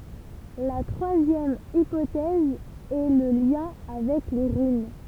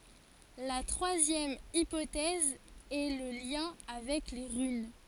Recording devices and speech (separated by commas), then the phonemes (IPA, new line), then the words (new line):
temple vibration pickup, forehead accelerometer, read sentence
la tʁwazjɛm ipotɛz ɛ lə ljɛ̃ avɛk le ʁyn
La troisième hypothèse est le lien avec les runes.